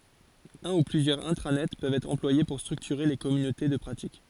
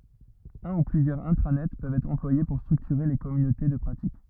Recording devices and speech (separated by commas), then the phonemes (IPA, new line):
forehead accelerometer, rigid in-ear microphone, read sentence
œ̃ u plyzjœʁz ɛ̃tʁanɛt pøvt ɛtʁ ɑ̃plwaje puʁ stʁyktyʁe le kɔmynote də pʁatik